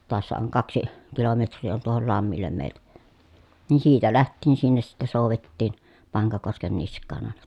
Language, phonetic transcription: Finnish, toassa oŋ kaksi , kilometr̆rii on tuohol lammillem mèi̮ltä , nii siitä läht̆tiin sinnes sitte sòuvettiin , Paŋkakosken nisk̆kaan àena .
- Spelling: taassa on kaksi kilometriä on tuohon lammelle meiltä niin siitä lähtien sinne sitten soudettiin Pankakosken niskaan aina

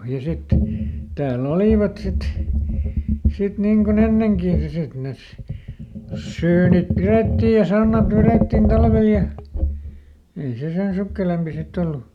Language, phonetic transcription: Finnish, ja ˈsitten ni , täälˈl ‿olìvat sit , sit ˈniŋ koˈn ‿enneŋkì ja ˈsit nes , ˈsyynip "pirettiij ja ˈsannat "verèttin ˈtalvel ja , ˈei se ˈsen sukkelempi ˈsitt ‿ollu .
- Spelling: ja sitten niin täällä olivat sitten sitten niin kuin ennenkin ja sitten ne syynit pidettiin ja sannat vedettiin talvella ja ei se sen sukkelampi sitten ollut

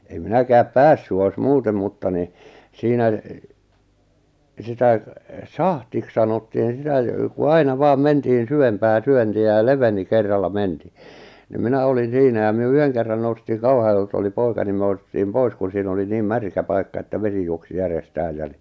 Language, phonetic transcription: Finnish, em 'minäkääp "pässy ois "muutem mutta ni , 'siinä , 'sitä , "sahtiks sanottiin̬ 'sitä , jᵒ ku 'aina 'vaam 'mentihin̬ 'syvempää "syönti₍ä ja "leveni 'kerralla "mentii , ni 'minä olin̬ "siinä ja myö 'yheŋ kerran noustiiŋ 'Kauhajoelt ‿oli 'poika ni mʸᵃ̈ "noustiim "pois kun siin ‿oli 'niim "märkä 'paikka että 'vesi juoksi 'järes'tääj jä- ni ,.
- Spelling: en minäkään päässyt olisi muuten mutta niin siinä sitä sahdiksi sanottiin sitä ja kun aina vain mentiin syvempää syöntiä ja leveni kerralla mentiin niin minä olin siinä ja me yhden kerran noustiin Kauhajoelta oli poika niin me noustiin pois kun siinä oli niin märkä paikka että vesi juoksi järjestään - niin

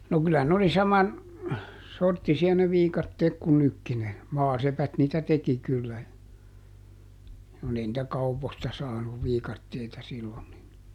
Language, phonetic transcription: Finnish, no ˈkylä n ‿oli ˈsaman , ˈsorttisi₍a ne ˈviikatteek ku ˈnykki - ne , ˈmaasepät niitä ˈteki kyllä , kun ‿ei nⁱtä "kauposta ˈsaanuv ˈviikatteita ˈsillon nin ,.
- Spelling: no kyllä ne oli saman sorttisia ne viikatteet kuin nytkin ne maasepät niitä teki kyllä kun ei niitä kaupoista saanut viikatteita silloin niin

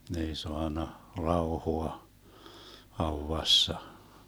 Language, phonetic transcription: Finnish, 'ne ei 'soanna , 'raohoa , 'hauvassa .
- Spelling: ne ei saanut rauhaa haudassa

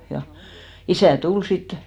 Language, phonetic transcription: Finnish, ja 'isä̀ "tul sit .
- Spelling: ja isä tuli sitten

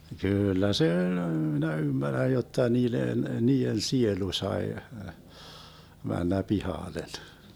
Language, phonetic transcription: Finnish, 'kyyllä 'se öĺ , minä 'ymmärräj jotta 'niilen , 'nii₍en "sielu 'sae , 'männä "pihàlen .
- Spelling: kyllä se oli minä ymmärrän jotta niiden niiden sielu sai mennä pihalle

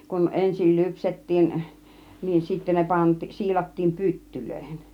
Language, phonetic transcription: Finnish, kun 'ensil 'lypset̀tiin , niin 'sittä ne 'pantI- , 'siilattiim 'pyttylöihen .
- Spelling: kun ensin lypsettiin niin sitten ne - siilattiin pyttyihin

